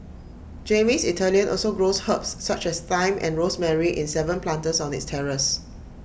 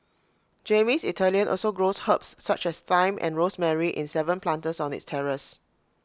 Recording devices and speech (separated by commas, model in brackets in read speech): boundary microphone (BM630), close-talking microphone (WH20), read sentence